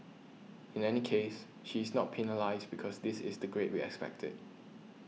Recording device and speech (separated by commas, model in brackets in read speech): mobile phone (iPhone 6), read sentence